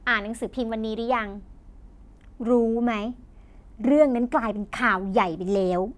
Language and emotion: Thai, happy